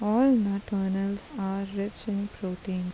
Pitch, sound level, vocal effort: 200 Hz, 79 dB SPL, soft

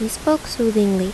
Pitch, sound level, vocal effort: 220 Hz, 78 dB SPL, normal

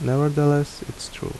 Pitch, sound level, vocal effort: 145 Hz, 75 dB SPL, soft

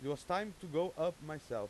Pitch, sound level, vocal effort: 165 Hz, 95 dB SPL, very loud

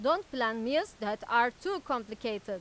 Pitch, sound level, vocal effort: 240 Hz, 96 dB SPL, loud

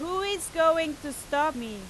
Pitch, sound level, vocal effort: 310 Hz, 96 dB SPL, very loud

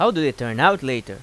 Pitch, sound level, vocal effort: 130 Hz, 92 dB SPL, loud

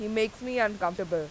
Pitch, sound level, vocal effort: 210 Hz, 90 dB SPL, loud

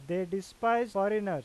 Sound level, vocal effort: 96 dB SPL, very loud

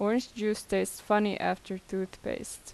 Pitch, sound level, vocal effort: 205 Hz, 81 dB SPL, normal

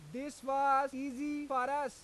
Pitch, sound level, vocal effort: 275 Hz, 100 dB SPL, very loud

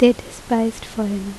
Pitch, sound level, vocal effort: 225 Hz, 76 dB SPL, soft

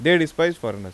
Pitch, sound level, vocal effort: 165 Hz, 90 dB SPL, loud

